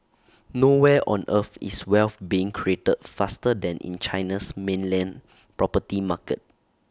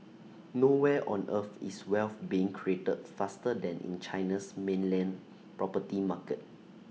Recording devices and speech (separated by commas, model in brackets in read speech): standing microphone (AKG C214), mobile phone (iPhone 6), read sentence